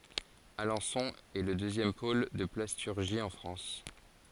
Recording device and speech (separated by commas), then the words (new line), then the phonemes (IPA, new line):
forehead accelerometer, read sentence
Alençon est le deuxième pôle de plasturgie en France.
alɑ̃sɔ̃ ɛ lə døzjɛm pol də plastyʁʒi ɑ̃ fʁɑ̃s